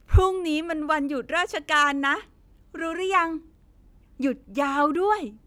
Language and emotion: Thai, happy